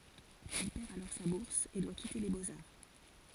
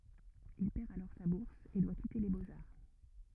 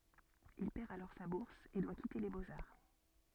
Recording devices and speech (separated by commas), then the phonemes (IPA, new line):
forehead accelerometer, rigid in-ear microphone, soft in-ear microphone, read sentence
il pɛʁ alɔʁ sa buʁs e dwa kite le boksaʁ